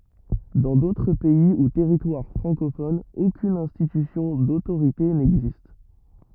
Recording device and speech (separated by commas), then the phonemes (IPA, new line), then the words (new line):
rigid in-ear microphone, read sentence
dɑ̃ dotʁ pɛi u tɛʁitwaʁ fʁɑ̃kofonz okyn ɛ̃stitysjɔ̃ dotoʁite nɛɡzist
Dans d'autres pays ou territoires francophones, aucune institution d'autorité n'existe.